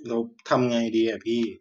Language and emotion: Thai, frustrated